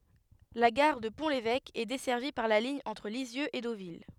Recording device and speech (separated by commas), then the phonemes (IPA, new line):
headset microphone, read sentence
la ɡaʁ də pɔ̃ levɛk ɛ dɛsɛʁvi paʁ la liɲ ɑ̃tʁ lizjøz e dovil